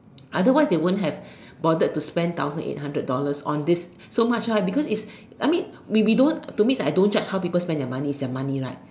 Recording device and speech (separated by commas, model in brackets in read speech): standing microphone, conversation in separate rooms